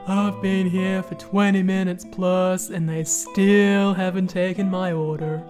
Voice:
deep voice